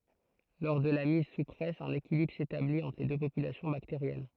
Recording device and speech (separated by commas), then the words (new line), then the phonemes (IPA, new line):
throat microphone, read sentence
Lors de la mise sous presse, un équilibre s'établit entre les deux populations bactériennes.
lɔʁ də la miz su pʁɛs œ̃n ekilibʁ setablit ɑ̃tʁ le dø popylasjɔ̃ bakteʁjɛn